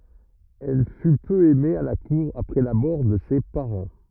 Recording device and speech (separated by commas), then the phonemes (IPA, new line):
rigid in-ear microphone, read sentence
ɛl fy pø ɛme a la kuʁ apʁɛ la mɔʁ də se paʁɑ̃